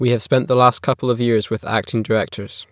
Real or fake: real